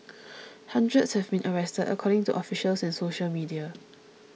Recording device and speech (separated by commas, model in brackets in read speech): mobile phone (iPhone 6), read sentence